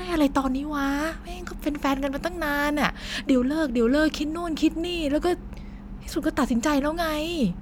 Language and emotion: Thai, frustrated